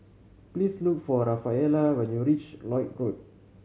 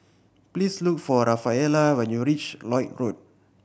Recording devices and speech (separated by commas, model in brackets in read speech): mobile phone (Samsung C7100), boundary microphone (BM630), read sentence